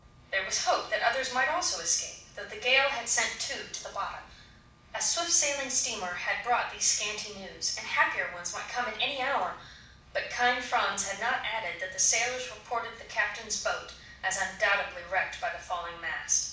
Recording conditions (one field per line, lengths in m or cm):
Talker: one person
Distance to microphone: 5.8 m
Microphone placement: far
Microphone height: 1.8 m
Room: medium-sized (5.7 m by 4.0 m)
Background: none